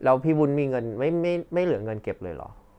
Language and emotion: Thai, neutral